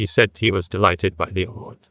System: TTS, neural waveform model